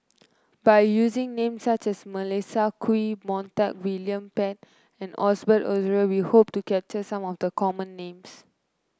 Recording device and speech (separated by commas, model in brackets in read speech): close-talking microphone (WH30), read sentence